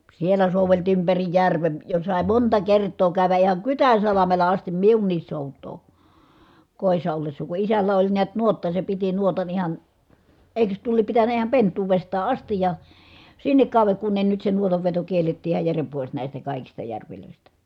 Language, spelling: Finnish, siellä soudeltiin ympäri järven jo sai monta kertaa käydä ihan Kytänsalmella asti minunkin soutaa kodissa ollessa kun isällä oli näet nuotta se piti nuotan ihan eikös tuo lie pitänyt ihan pentuudestaan asti ja sinne kauden kun ne nyt se nuotanveto kiellettiin ihan jären pois näistä kaikista järvistä
- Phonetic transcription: siel̀ä sòuveltii ympäri järven , jo sài̮ monta kert̆too kä̀y̬vä ʼihaŋ Kytän̬salamela astim miunniis sòut̆too , kòi̮ssa ollessa , ku isällä oĺ niät nuotta se piti nuotan ihan , èi̮kös tuo liep pitän̆nä iham pent̆tuuvestaa ʼastij ja , sinnek kàu̬veŋ kun ne nyt se nuotavveto kiellettii ihaj järem pois nä̀istä kàikista järvilö̀istä .

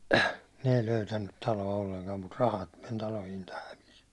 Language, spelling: Finnish, ne ei löytänyt taloa ollenkaan mutta rahat meni talo hinta hävisi
- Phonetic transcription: ne ei 'löytännyt 'talo₍a olleŋkam mut 'rahat men 'talo hinta 'hävis .

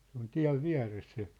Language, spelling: Finnish, se on tien vieressä se
- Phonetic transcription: se ‿on "tiä̭v "viä̭res se .

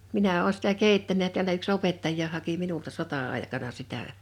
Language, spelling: Finnish, minä olen sitä keittänyt ja täällä yksi opettajakin haki minulta sota-aikana sitä
- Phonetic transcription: 'minä 'oo sⁱtä "kèittänä ja tiälä yk"s ‿opettaj̆jaa haki 'minulta 'sota₍àḙkana 'sitä .

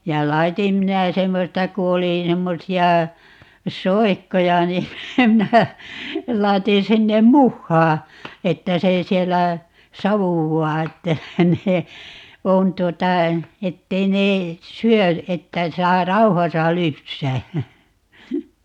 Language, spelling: Finnish, ja laitoin minä semmoista kun oli semmoisia soikkoja niin minä laitoin sinne muhaa että se siellä savuaa että ne on tuota että ei ne syö että saa rauhassa lypsää
- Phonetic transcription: ja "laitim minä 'semmosta ku 'oli , 'semmosi₍a , "soikkoja ni , 'minä , 'lai̮tin 'sinnem "muhhaa , 'että se 'siellä , "savuwwaa että , 'ne , 'on tuota , 'ettei ne , "syö , 'että 'saa "rauhasa 'lypsää .

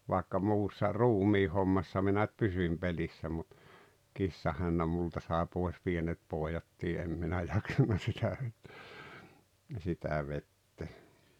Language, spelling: Finnish, vaikka muussa ruumiinhommassa minä nyt pysyin pelissä mutta kissahännän minulta sai pois pienet pojatkin en minä jaksanut sitä - sitä vetää
- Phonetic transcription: vàekka 'muussa "ruumiihommassa minä ⁿʸt 'pysyⁱm 'pelissä mut , "kissahännäm 'multa sàe 'pòes "pienet "pòejattii 'em minä 'jaksanna sitä vet- , 'sitä 'vettee .

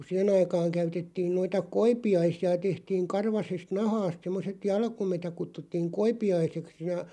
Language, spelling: Finnish, kun siihen aikaan käytettiin noita koipiaisia tehtiin karvaisesta nahasta semmoiset jalkuimet ja kutsuttiin koipiaiseksi ja
- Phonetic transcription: ku 'siʰen̬§ ‿aikaaŋ 'käytettiin noita "koipi₍aisi₍a 'tehtiiŋ 'karvasest 'nahaast semmoset "jalkumet ja 'kuttuttiiŋ "koipi₍aiseks ja .

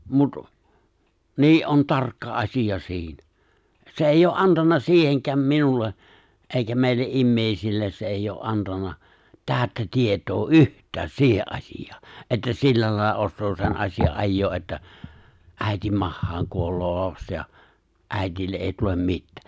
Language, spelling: Finnish, mutta niin on tarkka asia siinä se ei ole antanut siihenkään minulle eikä meille ihmisille se ei ole antanut täyttä tietoa yhtään siihen asiaan että sillä lailla osaa sen asian ajaa että äidin mahaan kuolee lapsi ja äidille ei tule mitään
- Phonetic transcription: mut , nii’ '’on 'tarkka '’as̀ija 'si̬inä , se '’èijj ‿oo , '’antanna 'siiheŋk̀ääm 'minulle , '’eikä mèille’ '’immèisilles se eijj ‿oo’ '’antanna , 'tääᵒ̈ttä 'tiet̀oo "’yht̆tääs 'siihe’ ’aśij̀aa , että 'sillä làilla ossoo sen 'as̀ija’ '’ajjoo’ ’että , 'ä̀itim 'mahhaaŋ kuol̀oo 'laps ja , '’ä̀itille’ '’è̬i tulem 'mittää .

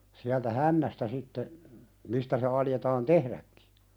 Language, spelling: Finnish, sieltä hännästä sitten mistä se aloitetaan tehdäkin
- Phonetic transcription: siältä "hännästä 'sitte , 'mistä se aljetaan "tehðäkkɪ .

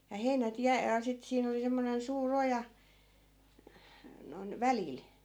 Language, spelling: Finnish, ja heinät - ja sitten siinä oli semmoinen suuri oja noin välillä
- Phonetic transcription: ja 'heinät 'jä- , ja 'sit siin ‿oli 'semmonen 'suu"r ‿oja , noⁱn 'välìl .

